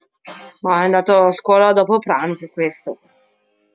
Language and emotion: Italian, disgusted